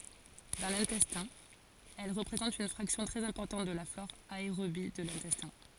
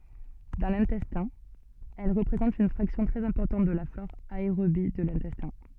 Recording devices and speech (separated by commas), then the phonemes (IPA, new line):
forehead accelerometer, soft in-ear microphone, read sentence
dɑ̃ lɛ̃tɛstɛ̃ ɛl ʁəpʁezɑ̃tt yn fʁaksjɔ̃ tʁɛz ɛ̃pɔʁtɑ̃t də la flɔʁ aeʁobi də lɛ̃tɛstɛ̃